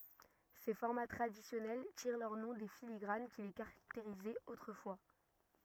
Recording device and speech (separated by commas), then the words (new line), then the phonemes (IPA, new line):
rigid in-ear microphone, read sentence
Ces formats traditionnels tirent leur nom des filigranes qui les caractérisaient autrefois.
se fɔʁma tʁadisjɔnɛl tiʁ lœʁ nɔ̃ de filiɡʁan ki le kaʁakteʁizɛt otʁəfwa